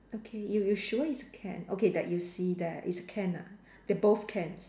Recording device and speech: standing microphone, conversation in separate rooms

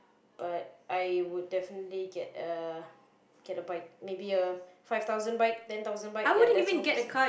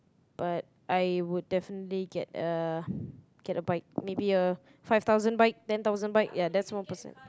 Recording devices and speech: boundary microphone, close-talking microphone, conversation in the same room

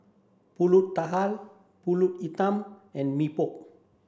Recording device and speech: standing microphone (AKG C214), read sentence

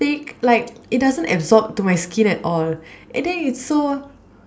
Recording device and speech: standing microphone, conversation in separate rooms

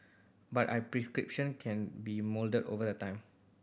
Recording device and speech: boundary microphone (BM630), read sentence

